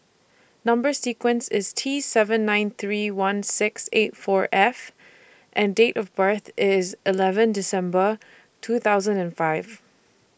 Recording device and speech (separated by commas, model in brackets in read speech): boundary microphone (BM630), read sentence